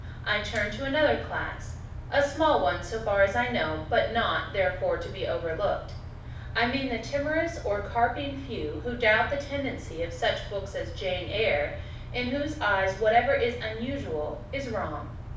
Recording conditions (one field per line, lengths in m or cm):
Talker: one person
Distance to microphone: 5.8 m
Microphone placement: far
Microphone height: 1.8 m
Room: medium-sized (5.7 m by 4.0 m)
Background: none